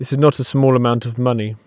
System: none